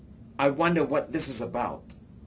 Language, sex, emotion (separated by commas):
English, male, disgusted